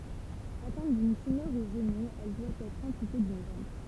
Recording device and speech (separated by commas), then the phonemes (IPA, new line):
temple vibration pickup, read sentence
atɛ̃t dyn tymœʁ o ʒənu ɛl dwa ɛtʁ ɑ̃pyte dyn ʒɑ̃b